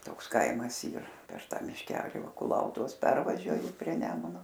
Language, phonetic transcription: Lithuanian, ˈtoks ˈkaimas ˈyr per ˈtą mišˈkeli ˈva kuˈlautuvos ˈpervažiuoji prie ˈnemuno

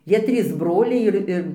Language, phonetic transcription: Lithuanian, ˈjie ˈtrys ˈbroliai ˈir ir

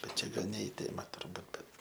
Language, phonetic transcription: Lithuanian, bet ˈčia ˈgal ne i ˈtėma turˈbūt bet

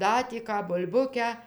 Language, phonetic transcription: Lithuanian, ˈda tį ˈką bul'ˈbukę

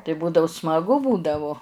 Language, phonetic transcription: Lithuanian, tai ˈbūdau smaˈgu ˈbūdavu

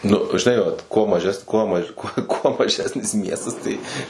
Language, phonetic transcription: Lithuanian, nu žiˈnai vat kuo maˈžes ˈkuo ma kuo maˈžesnis ˈmiestas ˈtai

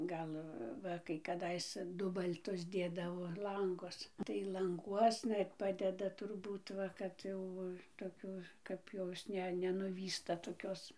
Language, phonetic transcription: Lithuanian, ˈgal ˈva kai kaˈdais ˈdubal'tus ˈdėdavo ˈlangus tai lanˈguosna ir ˈpadeda turˈbūt ˈva kad ˈjau toˈkių kap ˈjos ˈne nenuˈvysta toˈkios

